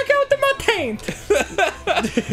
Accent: Italian accent